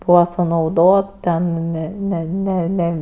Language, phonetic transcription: Lithuanian, ˈbūva sunauˈdot ten ne ˈne ne ˈne

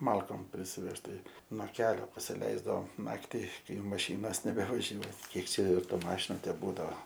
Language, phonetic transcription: Lithuanian, ˈmalkom prisiˈvežt tai no ˈkelio pasiˈleisdavom ˈnakti ˈkai jau maˈšynos nebevaˈžiuoj ˈkiek ˈčia ˈjau ˈtų ˈmašinu teˈbūdao

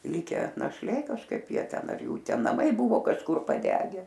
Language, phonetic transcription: Lithuanian, ˈlikę našˈlė kažˈkaip ˈjie ˈten ar jˈų ˈten naˈmai ˈbuvo kažˈkur paˈdege

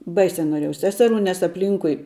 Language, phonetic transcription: Lithuanian, ˈbaisia noˈrėjau ˈseseˌrų nes apˈlynkui

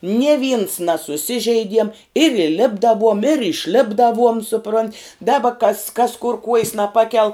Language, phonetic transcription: Lithuanian, nie vyns nasuˈsižeidiem ir įˈlipdavuom ir išˈlipdavuom suˈpront' ˈdaba kas kas kur kuojs naˈpakel

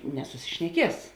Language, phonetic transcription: Lithuanian, nesusišneˈkies

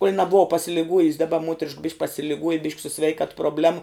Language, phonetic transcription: Lithuanian, kuol' naˈbuva pasiliˈguojus' daˈba ˈmuoterišk bišk' pasiliˈguoja bišk' su ˈsveikat probˈlemu

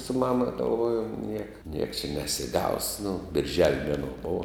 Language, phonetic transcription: Lithuanian, su ˈmama galˈvojum ˈnieka nieks čia nesiˈgaus nu birˈžel' ˈmenuo ˈbova

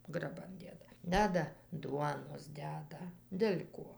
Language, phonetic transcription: Lithuanian, graˈban ˈdėda ˈdeda ˈduonos ˈdeda del' ˈkuo

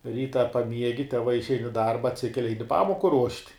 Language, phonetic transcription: Lithuanian, ˈryta paˈmiegi teˈvai išˈein i ˈdarba atˈsikeli ˈaini ˈpamoku ruošt'

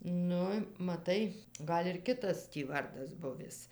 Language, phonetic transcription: Lithuanian, ˈnu maˈtai ˈgal' ir ˈkitas tį ˈvardas ˈbuvis

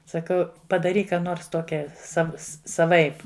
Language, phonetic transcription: Lithuanian, saˈkau padaˈryk ˈką ˈnors ˈtokia ˈsav saˈvaip

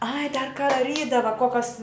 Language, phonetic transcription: Lithuanian, ai dar ka daˈrydava ˈkokas

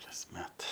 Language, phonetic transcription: Lithuanian, kasˈmet

